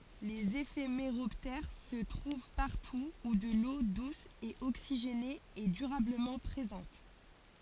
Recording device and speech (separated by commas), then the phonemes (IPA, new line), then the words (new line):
forehead accelerometer, read sentence
lez efemeʁɔptɛʁ sə tʁuv paʁtu u də lo dus e oksiʒene ɛ dyʁabləmɑ̃ pʁezɑ̃t
Les éphéméroptères se trouvent partout où de l'eau douce et oxygénée est durablement présente.